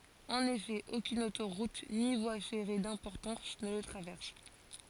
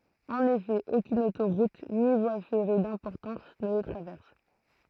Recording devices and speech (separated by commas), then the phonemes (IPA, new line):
forehead accelerometer, throat microphone, read sentence
ɑ̃n efɛ okyn otoʁut ni vwa fɛʁe dɛ̃pɔʁtɑ̃s nə lə tʁavɛʁs